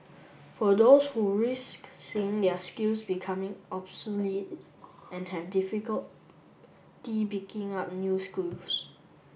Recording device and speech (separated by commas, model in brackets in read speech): boundary microphone (BM630), read sentence